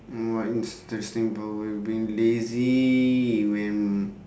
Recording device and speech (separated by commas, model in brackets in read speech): standing microphone, conversation in separate rooms